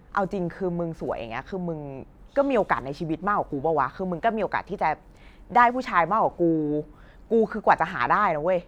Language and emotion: Thai, frustrated